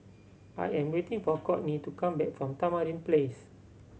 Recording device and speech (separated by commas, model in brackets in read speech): mobile phone (Samsung C7100), read sentence